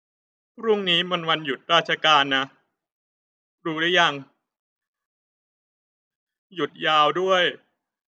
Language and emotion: Thai, sad